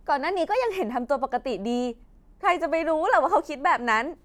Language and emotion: Thai, happy